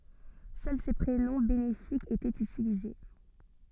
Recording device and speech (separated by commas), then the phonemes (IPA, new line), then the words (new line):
soft in-ear microphone, read sentence
sœl se pʁenɔ̃ benefikz etɛt ytilize
Seuls ces prénoms bénéfiques étaient utilisés.